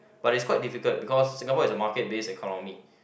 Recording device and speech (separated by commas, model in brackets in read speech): boundary microphone, conversation in the same room